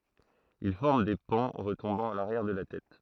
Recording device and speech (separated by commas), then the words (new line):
throat microphone, read sentence
Il forme des pans retombant à l'arrière de la tête.